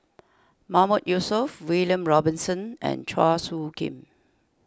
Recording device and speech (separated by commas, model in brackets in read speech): standing microphone (AKG C214), read sentence